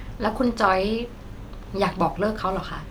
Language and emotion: Thai, neutral